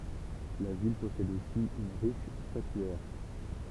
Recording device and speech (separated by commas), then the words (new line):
temple vibration pickup, read sentence
La ville possède aussi une riche statuaire.